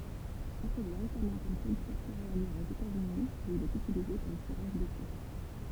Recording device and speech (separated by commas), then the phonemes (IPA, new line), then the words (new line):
temple vibration pickup, read sentence
ɛ̃tʁodyi ʁesamɑ̃ kɔm kyltyʁ seʁealjɛʁ oz etatsyni u il ɛt ytilize kɔm fuʁaʒ dete
Introduit récemment comme culture céréalière aux États-Unis, où il est utilisé comme fourrage d'été.